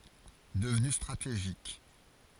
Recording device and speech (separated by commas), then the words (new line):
forehead accelerometer, read sentence
Devenue stratégique,